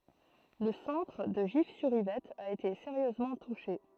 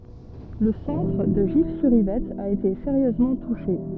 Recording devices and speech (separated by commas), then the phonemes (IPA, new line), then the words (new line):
throat microphone, soft in-ear microphone, read sentence
lə sɑ̃tʁ də ʒifsyʁivɛt a ete seʁjøzmɑ̃ tuʃe
Le centre de Gif-sur-Yvette a été sérieusement touché.